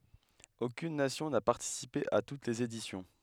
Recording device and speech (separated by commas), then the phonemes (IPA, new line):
headset microphone, read sentence
okyn nasjɔ̃ na paʁtisipe a tut lez edisjɔ̃